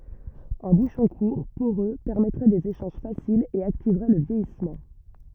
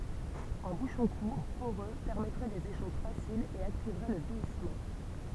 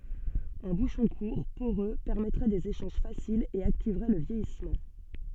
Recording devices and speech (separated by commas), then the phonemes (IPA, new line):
rigid in-ear microphone, temple vibration pickup, soft in-ear microphone, read sentence
œ̃ buʃɔ̃ kuʁ poʁø pɛʁmɛtʁɛ dez eʃɑ̃ʒ fasilz e aktivʁɛ lə vjɛjismɑ̃